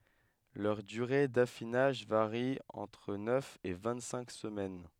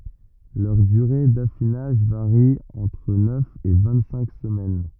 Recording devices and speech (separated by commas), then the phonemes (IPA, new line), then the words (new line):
headset microphone, rigid in-ear microphone, read sentence
lœʁ dyʁe dafinaʒ vaʁi ɑ̃tʁ nœf e vɛ̃ɡtsɛ̃k səmɛn
Leur durée d’affinage varie entre neuf et vingt-cinq semaines.